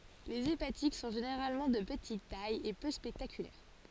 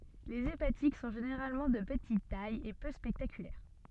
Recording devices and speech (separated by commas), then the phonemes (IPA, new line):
forehead accelerometer, soft in-ear microphone, read sentence
lez epatik sɔ̃ ʒeneʁalmɑ̃ də pətit taj e pø spɛktakylɛʁ